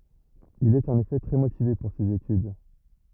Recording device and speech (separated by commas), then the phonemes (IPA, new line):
rigid in-ear microphone, read sentence
il ɛt ɑ̃n efɛ tʁɛ motive puʁ sez etyd